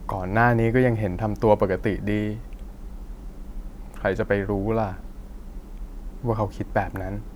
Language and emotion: Thai, frustrated